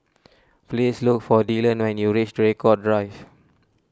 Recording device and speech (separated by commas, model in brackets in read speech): standing microphone (AKG C214), read sentence